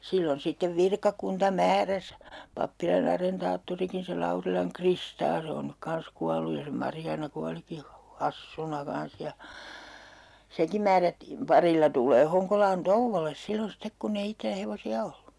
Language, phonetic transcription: Finnish, 'sillon 'sittev 'virkakunta "määräs , pappila'n ‿arentaatturiki se - - 'Kristaa 'se on nyk 'kans kual̆luj ja se 'Marjaana 'kualiki hu- , "hassuna 'kans ja 'seŋkim̆ määrättiim 'parilla tul̀ee 'Hoŋkolaan "touvvoles 'sillon̬ 'stek kunn ‿ei 'ittelä 'hevosi₍a 'ollu .
- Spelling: silloin sitten virkakunta määräsi pappilan arentaattorikin se Kristaa se on nyt kanssa kuollut ja se Marjaana kuolikin - hassuna kanssa ja senkin määrättiin parilla tulemaan Honkolaan touolle silloin sitten kun ei itsellä hevosia ollut

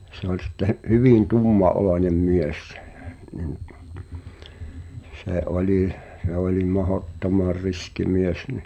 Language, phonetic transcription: Finnish, se ‿oĺ sitte , 'hyvin 'tumma’olòńem mies (sᴇh) , nin , se 'oĺi , se oli 'mahottomar "riski 'mies ni ,.
- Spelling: se oli sitten hyvin tummanoloinen mies siis niin se oli se oli mahdottoman riski mies niin

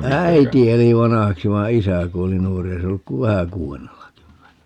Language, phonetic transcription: Finnish, "äiti eli 'vanahaksi vai "isä 'kuoli 'nuor(ra) - 'ei se olluk ku "vähä 'kuu₍ennellakymmenellä .
- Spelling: äiti eli vanhaksi vaan isä kuoli nuorena ei se ollut kuin vähän kuudennellakymmenellä

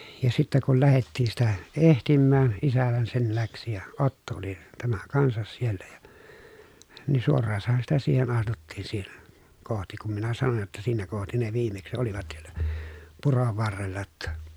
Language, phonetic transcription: Finnish, ja sittä kul lähettii sitä , ehtimmään , isähän sen läksi ja , Otto oli , tämä kansas siellä ja , ni suorraasaha sitä siihen astuttiin siihen , kohti kum minä sanoj jotta » siinä kohti ne viimeksⁱ olivat sieLÄ , purov varrella ‿tta » .
- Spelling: ja sitten kun lähdettiin sitä etsimään isähän sen lähti ja Otto oli tämä kanssa siellä ja niin suoraanhan sitä siihen astuttiin siihen kohti kun minä sanoin jotta siinä kohti ne viimeksi olivat siellä puron varrella jotta

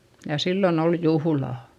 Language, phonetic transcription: Finnish, ja sillon ‿ol juhᵘlà !
- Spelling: ja silloin oli juhla

